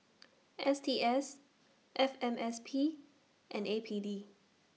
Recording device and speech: mobile phone (iPhone 6), read sentence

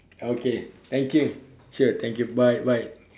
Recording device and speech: standing microphone, conversation in separate rooms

